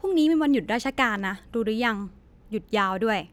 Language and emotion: Thai, neutral